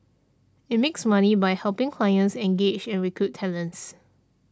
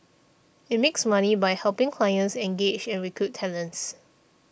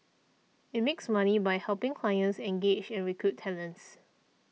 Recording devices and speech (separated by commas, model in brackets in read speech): standing microphone (AKG C214), boundary microphone (BM630), mobile phone (iPhone 6), read sentence